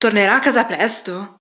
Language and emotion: Italian, surprised